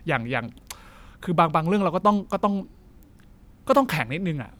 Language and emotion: Thai, neutral